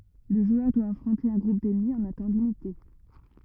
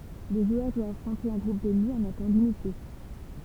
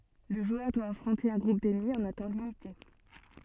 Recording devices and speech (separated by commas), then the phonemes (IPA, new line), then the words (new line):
rigid in-ear microphone, temple vibration pickup, soft in-ear microphone, read sentence
lə ʒwœʁ dwa afʁɔ̃te œ̃ ɡʁup dɛnmi ɑ̃n œ̃ tɑ̃ limite
Le joueur doit affronter un groupe d'ennemis en un temps limité.